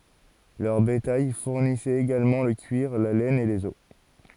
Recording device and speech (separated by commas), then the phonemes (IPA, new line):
forehead accelerometer, read sentence
lœʁ betaj fuʁnisɛt eɡalmɑ̃ lə kyiʁ la lɛn e lez ɔs